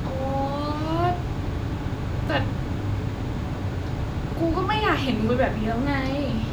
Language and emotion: Thai, frustrated